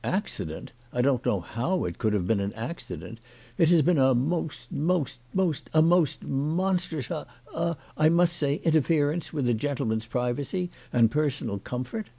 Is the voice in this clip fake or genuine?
genuine